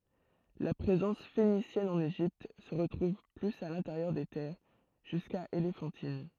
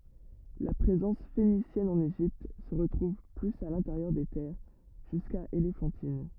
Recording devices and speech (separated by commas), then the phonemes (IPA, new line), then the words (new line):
throat microphone, rigid in-ear microphone, read sentence
la pʁezɑ̃s fenisjɛn ɑ̃n eʒipt sə ʁətʁuv plyz a lɛ̃teʁjœʁ de tɛʁ ʒyska elefɑ̃tin
La présence phénicienne en Égypte se retrouve plus à l'intérieur des terres, jusqu'à Éléphantine.